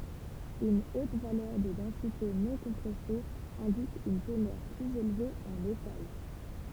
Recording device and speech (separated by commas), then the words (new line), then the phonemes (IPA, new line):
temple vibration pickup, read sentence
Une haute valeur de densité non-compressée indique une teneur plus élevée en métal.
yn ot valœʁ də dɑ̃site nɔ̃kɔ̃pʁɛse ɛ̃dik yn tənœʁ plyz elve ɑ̃ metal